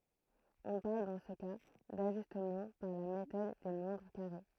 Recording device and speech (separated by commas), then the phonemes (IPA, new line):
throat microphone, read sentence
ɔ̃ paʁl dɑ̃ sə ka daʒystmɑ̃ paʁ la metɔd de mwɛ̃dʁ kaʁe